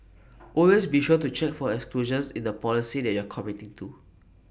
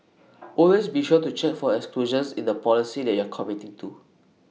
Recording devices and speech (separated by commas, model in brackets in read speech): boundary microphone (BM630), mobile phone (iPhone 6), read sentence